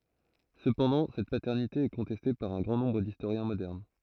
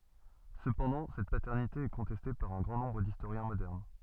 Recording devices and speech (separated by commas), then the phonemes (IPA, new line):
throat microphone, soft in-ear microphone, read sentence
səpɑ̃dɑ̃ sɛt patɛʁnite ɛ kɔ̃tɛste paʁ œ̃ ɡʁɑ̃ nɔ̃bʁ distoʁjɛ̃ modɛʁn